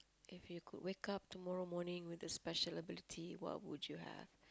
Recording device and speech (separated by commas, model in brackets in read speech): close-talking microphone, conversation in the same room